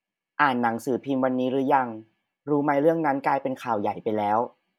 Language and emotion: Thai, neutral